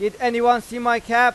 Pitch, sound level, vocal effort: 240 Hz, 102 dB SPL, very loud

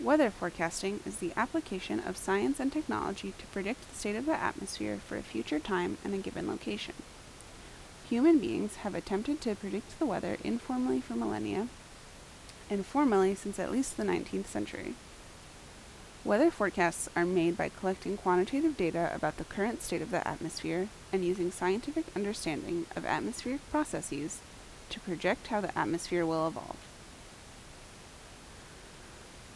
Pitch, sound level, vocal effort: 195 Hz, 78 dB SPL, normal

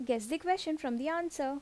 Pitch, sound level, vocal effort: 305 Hz, 81 dB SPL, normal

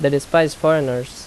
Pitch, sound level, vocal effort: 140 Hz, 85 dB SPL, loud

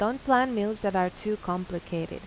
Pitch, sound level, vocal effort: 205 Hz, 85 dB SPL, normal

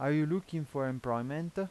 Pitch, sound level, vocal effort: 150 Hz, 88 dB SPL, normal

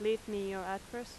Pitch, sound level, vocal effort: 210 Hz, 88 dB SPL, loud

